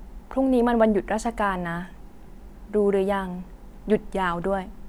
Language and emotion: Thai, neutral